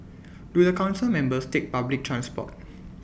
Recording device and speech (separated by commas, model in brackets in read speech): boundary microphone (BM630), read sentence